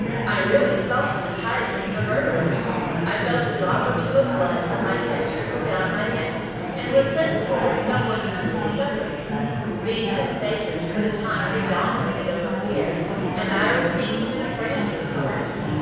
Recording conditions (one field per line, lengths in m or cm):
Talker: one person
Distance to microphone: 7.1 m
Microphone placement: far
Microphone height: 1.7 m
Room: very reverberant, large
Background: babble